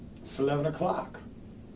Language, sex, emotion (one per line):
English
male
neutral